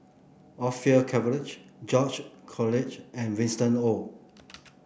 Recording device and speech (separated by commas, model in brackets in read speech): boundary microphone (BM630), read sentence